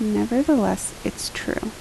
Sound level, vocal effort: 74 dB SPL, soft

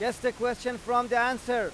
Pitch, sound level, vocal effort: 245 Hz, 100 dB SPL, very loud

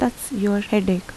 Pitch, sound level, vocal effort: 205 Hz, 77 dB SPL, soft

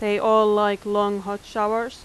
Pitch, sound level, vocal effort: 210 Hz, 90 dB SPL, loud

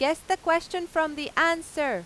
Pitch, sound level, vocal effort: 325 Hz, 97 dB SPL, very loud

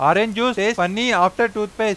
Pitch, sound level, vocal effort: 215 Hz, 98 dB SPL, loud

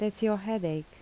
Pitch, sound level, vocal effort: 210 Hz, 76 dB SPL, soft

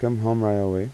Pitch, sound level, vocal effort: 110 Hz, 85 dB SPL, soft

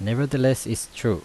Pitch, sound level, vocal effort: 125 Hz, 82 dB SPL, normal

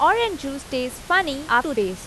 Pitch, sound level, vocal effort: 275 Hz, 89 dB SPL, loud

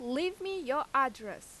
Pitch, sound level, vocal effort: 275 Hz, 91 dB SPL, very loud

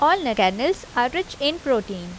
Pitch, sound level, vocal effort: 265 Hz, 85 dB SPL, normal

